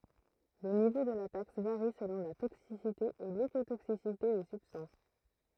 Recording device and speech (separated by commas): throat microphone, read sentence